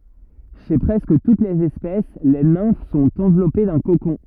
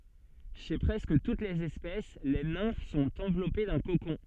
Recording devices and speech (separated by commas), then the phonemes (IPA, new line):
rigid in-ear microphone, soft in-ear microphone, read sentence
ʃe pʁɛskə tut lez ɛspɛs le nɛ̃f sɔ̃t ɑ̃vlɔpe dœ̃ kokɔ̃